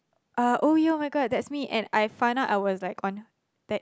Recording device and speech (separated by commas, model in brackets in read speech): close-talking microphone, conversation in the same room